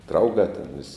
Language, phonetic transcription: Lithuanian, ˈdraugā ten vis'

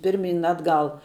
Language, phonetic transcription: Lithuanian, ˈpirˌmyn ˈatˌgal

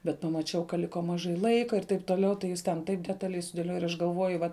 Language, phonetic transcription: Lithuanian, bet pamaˈčiau ka ˈliko maˈžai ˈlaika ir taip toˈliau tai ˈjis ten ˈtaip detaˈliai sudėˈlioja ir ˈaš galˈvoju ˈvat

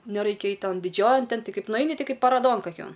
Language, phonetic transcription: Lithuanian, neˈraikia ˈait' ˈton diˈdžiojan ˈten ˈti ˈkaip nuˈaini ˈti ˈkaip paˈrodon kaˈkion

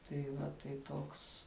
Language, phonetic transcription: Lithuanian, tai ˈva tai ˈtoks

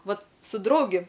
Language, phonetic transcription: Lithuanian, ˈvat su ˈdraugi

